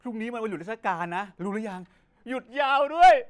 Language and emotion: Thai, happy